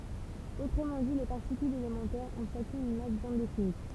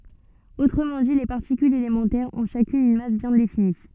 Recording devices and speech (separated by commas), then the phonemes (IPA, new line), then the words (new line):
temple vibration pickup, soft in-ear microphone, read sentence
otʁəmɑ̃ di le paʁtikylz elemɑ̃tɛʁz ɔ̃ ʃakyn yn mas bjɛ̃ defini
Autrement dit, les particules élémentaires ont chacune une masse bien définie.